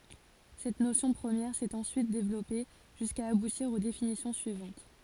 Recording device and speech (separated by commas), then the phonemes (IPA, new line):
forehead accelerometer, read sentence
sɛt nosjɔ̃ pʁəmjɛʁ sɛt ɑ̃syit devlɔpe ʒyska abutiʁ o definisjɔ̃ syivɑ̃t